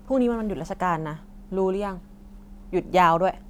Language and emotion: Thai, frustrated